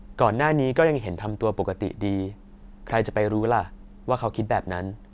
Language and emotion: Thai, neutral